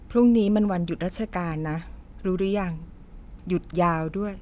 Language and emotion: Thai, neutral